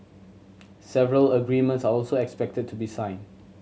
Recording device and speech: mobile phone (Samsung C7100), read sentence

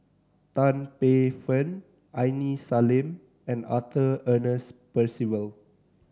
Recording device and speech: standing microphone (AKG C214), read sentence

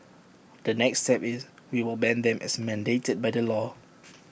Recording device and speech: boundary microphone (BM630), read sentence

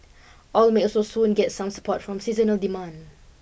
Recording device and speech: boundary microphone (BM630), read sentence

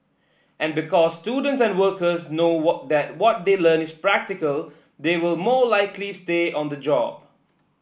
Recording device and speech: boundary microphone (BM630), read sentence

